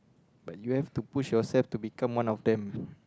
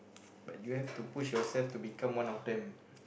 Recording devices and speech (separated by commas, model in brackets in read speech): close-talking microphone, boundary microphone, conversation in the same room